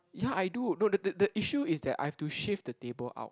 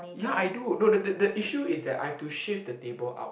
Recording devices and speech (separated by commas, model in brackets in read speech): close-talking microphone, boundary microphone, conversation in the same room